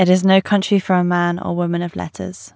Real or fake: real